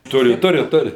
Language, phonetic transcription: Lithuanian, ˈturi ˈturi ˈturi

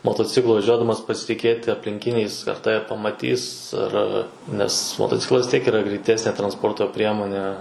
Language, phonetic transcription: Lithuanian, motoˈciklu vaˈžiuodamas pasitˈikėti aplinˈkiniais ar ˈtave pamaˈtys ar ˈar nes motoˈciklas vis ˈtiek yˈra greiˈtesnė transˈporto ˈpriemone

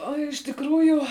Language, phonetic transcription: Lithuanian, o iš tikˈrųju

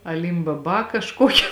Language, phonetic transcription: Lithuanian, aˌlimbaˈba kažˈkoki

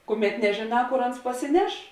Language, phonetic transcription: Lithuanian, ˈkuˌmet nežėˈnā ˈkor ˈans pasiˈneš

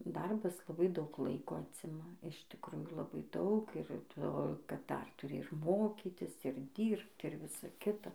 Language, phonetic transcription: Lithuanian, ˈdarbas laˈbai daug ˈlaiko ˈacima iš tikˈrųjų laˈbai ˈdaug ir ˈto kad ˈdar tuˈri ir ˈmokytis ir ˈdyrbt ir ˈvisa ˈkita

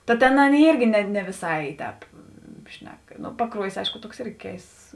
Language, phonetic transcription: Lithuanian, ta ˈtėn ˈaˌnėi ˈyrgi ne ˈne viˈsai ˈtēp ˈšnek paˈkruojis ˈaišku ˈtuoks ˈirgi ˈkeists

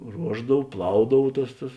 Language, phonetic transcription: Lithuanian, ˈruošdav ˈplaudav ˈtas tas

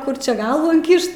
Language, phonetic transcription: Lithuanian, ˈkur ˈčia ˈgalvų inˈkišt

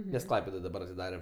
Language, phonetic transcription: Lithuanian, nes ˈklaipedoj daˈbar atiˈdare

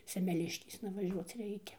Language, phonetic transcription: Lithuanian, semeˈliškėsna vaˈžiuoc ˈreikia

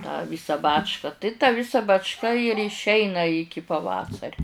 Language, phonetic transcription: Lithuanian, tą ˈvysą ˈbačka tai tą ˈvisa bačˈka ir išˈeina ˈiki paˈvasariu

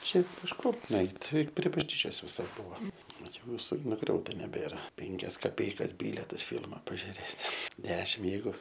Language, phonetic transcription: Lithuanian, ˈšiaip pišˈkom nuˈeit' ˈti prie bažˈnyčios viˈsai ˈbua vat ˈjau viˈsai nuˈgriauta neˈbėra ˈpenkias kaˈpeikas ˈbyletas ˈfilma pažiuˈrėt' ˈdešim ˈjeigu

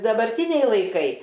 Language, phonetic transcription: Lithuanian, dabarˈtyniai laiˈkai

